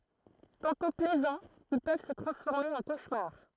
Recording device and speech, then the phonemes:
throat microphone, read sentence
tɑ̃tɔ̃ plɛzɑ̃z il pøv sə tʁɑ̃sfɔʁme ɑ̃ koʃmaʁ

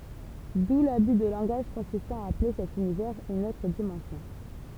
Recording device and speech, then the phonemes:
temple vibration pickup, read sentence
du laby də lɑ̃ɡaʒ kɔ̃sistɑ̃ a aple sɛt ynivɛʁz yn otʁ dimɑ̃sjɔ̃

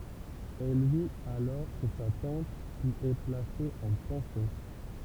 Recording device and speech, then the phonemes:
temple vibration pickup, read sentence
ɛl vit alɔʁ ʃe sa tɑ̃t pyiz ɛ plase ɑ̃ pɑ̃sjɔ̃

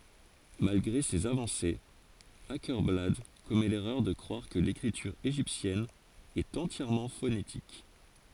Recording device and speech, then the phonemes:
forehead accelerometer, read sentence
malɡʁe sez avɑ̃sez akɛʁblad kɔmɛ lɛʁœʁ də kʁwaʁ kə lekʁityʁ eʒiptjɛn ɛt ɑ̃tjɛʁmɑ̃ fonetik

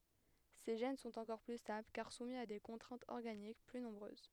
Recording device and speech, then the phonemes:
headset microphone, read sentence
se ʒɛn sɔ̃t ɑ̃kɔʁ ply stabl kaʁ sumi a de kɔ̃tʁɛ̃tz ɔʁɡanik ply nɔ̃bʁøz

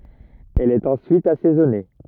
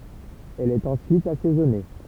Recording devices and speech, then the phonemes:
rigid in-ear microphone, temple vibration pickup, read sentence
ɛl ɛt ɑ̃syit asɛzɔne

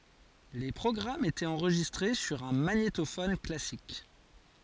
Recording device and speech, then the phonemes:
forehead accelerometer, read sentence
le pʁɔɡʁamz etɛt ɑ̃ʁʒistʁe syʁ œ̃ maɲetofɔn klasik

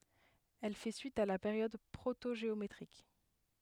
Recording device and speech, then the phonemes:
headset microphone, read sentence
ɛl fɛ syit a la peʁjɔd pʁotoʒeometʁik

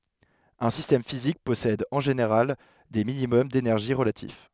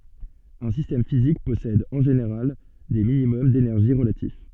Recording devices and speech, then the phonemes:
headset microphone, soft in-ear microphone, read sentence
œ̃ sistɛm fizik pɔsɛd ɑ̃ ʒeneʁal de minimɔm denɛʁʒi ʁəlatif

